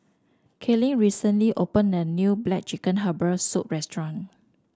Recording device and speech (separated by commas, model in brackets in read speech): standing microphone (AKG C214), read sentence